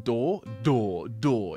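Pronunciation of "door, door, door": The d in 'door' is heavy and voiced.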